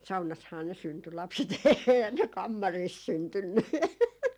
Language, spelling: Finnish, saunassahan ne syntyi lapset eihän ne kammarissa syntynyt
- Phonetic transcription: "saunashaa ne 'synty 'lapset , 'eehän ne "kammariis 'syntynny .

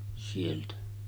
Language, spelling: Finnish, sieltä
- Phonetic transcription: sieltä .

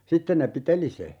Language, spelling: Finnish, sitten ne piteli sen
- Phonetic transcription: "sitten ne 'piteli se .

